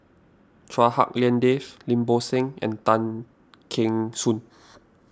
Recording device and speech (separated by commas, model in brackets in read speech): standing microphone (AKG C214), read sentence